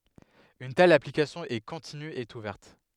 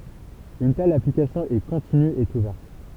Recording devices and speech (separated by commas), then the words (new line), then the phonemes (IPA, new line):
headset microphone, temple vibration pickup, read sentence
Une telle application est continue et ouverte.
yn tɛl aplikasjɔ̃ ɛ kɔ̃tiny e uvɛʁt